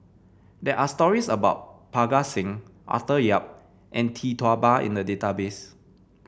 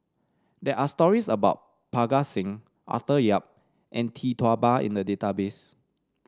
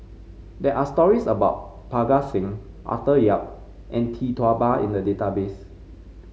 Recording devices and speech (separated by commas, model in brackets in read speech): boundary microphone (BM630), standing microphone (AKG C214), mobile phone (Samsung C5), read sentence